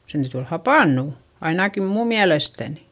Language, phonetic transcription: Finnish, sen täyty ol hapànnù , ainaki muum miälestänI .
- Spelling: sen täytyi olla hapantunut ainakin minun mielestäni

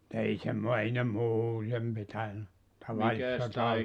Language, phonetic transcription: Finnish, [mu]'t ‿ei semmo- 'ei ne "muutem pitäny , 'tavali₍sissa ta-) ,.
- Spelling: mutta ei - ei ne muuten pitänyt tavallisissa -

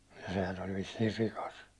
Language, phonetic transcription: Finnish, ja sehän ‿oĺ vissiir 'rikas .
- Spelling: ja sehän oli vissiin rikas

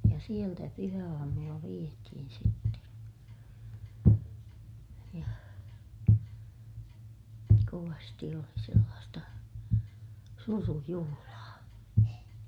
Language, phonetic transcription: Finnish, ja sieltä pyhä₍aamulla vietihin sitten̬ , ja , kovasti oli sellaasta , surujuhulaa .
- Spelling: ja sieltä pyhäaamulla vietiin sitten ja kovasti oli sellaista surujuhlaa

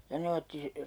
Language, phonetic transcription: Finnish, ja 'ne otti (si-) ,.
- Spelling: ja ne otti -

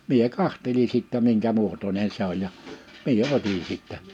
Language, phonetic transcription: Finnish, 'mie "kahteli sìttä 'miŋkä 'muotońen 'se ‿oj ja , 'mie 'oti sìttä .
- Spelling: minä katselin sitten minkä muotoinen se on ja minä otin sitten

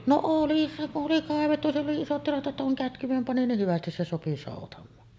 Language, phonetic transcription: Finnish, no "oli oli 'kàevettu siell ‿oli isot tilat ’että kuŋ "kätkyᵛem 'pani nih "hyvästis se 'sopi 'sòutam̆maan .
- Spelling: no oli oli kaivettu siellä oli isot tilat että kun kätkyen pani niin hyvästi se sopi soutamaan

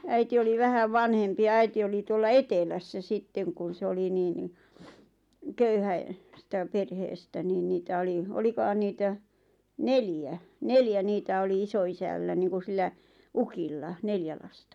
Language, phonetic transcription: Finnish, 'äiti oli 'vähäv "vanhempi ja 'äiti oli 'tuolla "etelässä 'sitteŋ kun̬ 'se oli nii ni , "köyhäe-₍ -stä 'perheestä niin 'niitä oli , "olikohan 'niitä , "neljä , "neljä 'niitä oli 'iso₍'isällä niiŋku sillä , "ukilla , 'neljä lasta .
- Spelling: äiti oli vähän vanhempi ja äiti oli tuolla etelässä sitten kun se oli niin niin - köyhästä perheestä niin niitä oli olikohan niitä neljä neljä niitä oli isoisällä niin kuin sillä ukilla neljä lasta

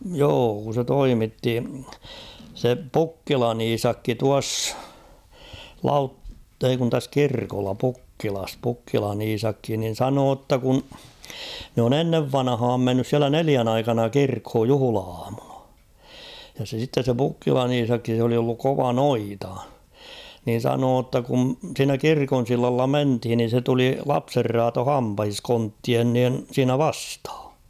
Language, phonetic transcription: Finnish, 'joo kun̬ se 'toimitti , se "Pukkilan ‿'Iisakki tuass , 'Lautt- ‿ei kun täs "kirkolla 'Pukkilas 'pukkilan ‿'Iisakki nin̬ "sanoo ‿tta kun̬ , nᵉ ‿on ‿"ennev "vanᵃhaam 'mennys siälä "neliän ‿aikana 'kirkhoj "juhᵘla₍aamuna , ja se sittes se 'Pukkilan ‿''Iisakki sᵉ ‿oli olluk 'kova "noita , niin̬ 'sanoo ‿tta kun̬ siinä "kirkon̬ 'sillalla "menthin nin̬ se tuli 'lapserraato "hampahis 'konttien niin̬ 'siinä "vasthᴀ .
- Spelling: joo kun se toimitti se Pukkilan Iisakki tuossa - ei kun tässä kirkolla Pukkilassa Pukkilan Iisakki niin sanoi jotta kun ne on ennen vanhaan mennyt siellä neljän aikana kirkkoon juhla-aamuna ja se sitten se Pukkilan Iisakki se oli ollut kova noita niin sanoi jotta kun siinä kirkon sillalla mentiin niin se tuli lapsenraato hampaissa konttien niin siinä vastaan

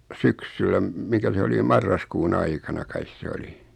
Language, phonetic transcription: Finnish, 'syksyllä m- , 'mikä se oli (jo) 'marraskuun 'aikana 'kais se 'oli .
- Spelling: syksyllä - mikä se oli jo marraskuun aikana kai se oli

